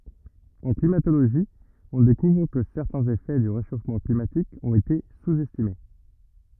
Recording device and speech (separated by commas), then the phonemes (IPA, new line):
rigid in-ear microphone, read sentence
ɑ̃ klimatoloʒi ɔ̃ dekuvʁ kə sɛʁtɛ̃z efɛ dy ʁeʃofmɑ̃ klimatik ɔ̃t ete suz ɛstime